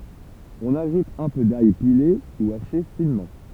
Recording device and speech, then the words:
temple vibration pickup, read sentence
On ajoute un peu d'ail pilé ou haché finement.

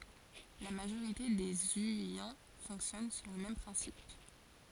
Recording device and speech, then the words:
forehead accelerometer, read sentence
La majorité des zhuyin fonctionnent sur le même principe.

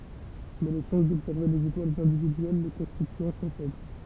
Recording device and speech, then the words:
temple vibration pickup, read sentence
Mais les chances d'observer les étoiles individuelles le constituant sont faibles.

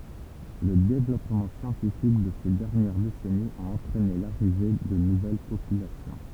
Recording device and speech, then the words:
temple vibration pickup, read sentence
Le développement scientifique de ces dernières décennies a entraîné l’arrivée de nouvelles populations.

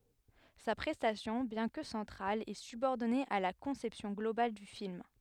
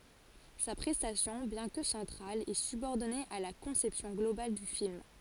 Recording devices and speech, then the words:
headset microphone, forehead accelerometer, read sentence
Sa prestation, bien que centrale, est subordonnée à la conception globale du film.

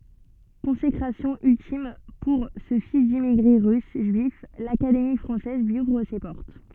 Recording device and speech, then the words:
soft in-ear microphone, read sentence
Consécration ultime pour ce fils d’immigrés russes juifs, l’Académie française lui ouvre ses portes.

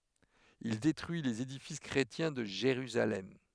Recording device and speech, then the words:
headset microphone, read sentence
Il détruit les édifices chrétiens de Jérusalem.

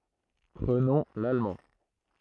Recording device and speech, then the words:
throat microphone, read sentence
Prenons l’allemand.

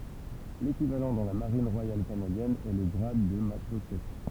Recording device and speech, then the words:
temple vibration pickup, read sentence
L'équivalent dans la Marine royale canadienne est le grade de matelot-chef.

